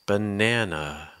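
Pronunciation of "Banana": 'Banana' is said with falling intonation.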